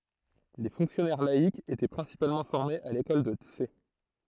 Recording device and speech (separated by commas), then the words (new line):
throat microphone, read sentence
Les fonctionnaires laïcs étaient principalement formés à l'école de Tse.